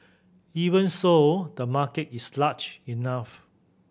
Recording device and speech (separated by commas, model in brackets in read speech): boundary microphone (BM630), read sentence